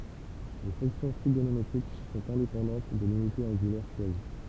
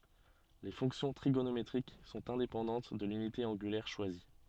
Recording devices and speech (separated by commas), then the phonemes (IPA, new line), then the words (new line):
temple vibration pickup, soft in-ear microphone, read sentence
le fɔ̃ksjɔ̃ tʁiɡonometʁik sɔ̃t ɛ̃depɑ̃dɑ̃t də lynite ɑ̃ɡylɛʁ ʃwazi
Les fonctions trigonométriques sont indépendantes de l’unité angulaire choisie.